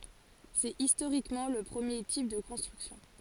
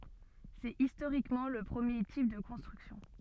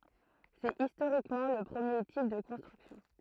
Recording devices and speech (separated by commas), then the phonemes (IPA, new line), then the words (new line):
forehead accelerometer, soft in-ear microphone, throat microphone, read sentence
sɛt istoʁikmɑ̃ lə pʁəmje tip də kɔ̃stʁyksjɔ̃
C'est historiquement le premier type de construction.